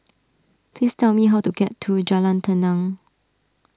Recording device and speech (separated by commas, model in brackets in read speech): standing microphone (AKG C214), read sentence